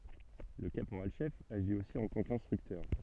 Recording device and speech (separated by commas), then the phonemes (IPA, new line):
soft in-ear microphone, read sentence
lə kapoʁalʃɛf aʒi osi ɑ̃ tɑ̃ kɛ̃stʁyktœʁ